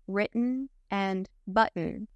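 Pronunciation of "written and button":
In 'written' and 'button', the T is said as a glottal stop rather than a true T sound.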